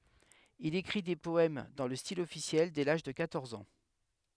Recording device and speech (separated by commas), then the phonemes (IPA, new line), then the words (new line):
headset microphone, read sentence
il ekʁi de pɔɛm dɑ̃ lə stil ɔfisjɛl dɛ laʒ də kwatɔʁz ɑ̃
Il écrit des poèmes dans le style officiel dès l'âge de quatorze ans.